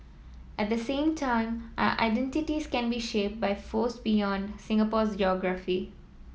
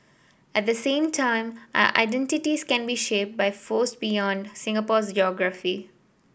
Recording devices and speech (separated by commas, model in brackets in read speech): mobile phone (iPhone 7), boundary microphone (BM630), read sentence